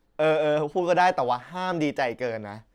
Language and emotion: Thai, happy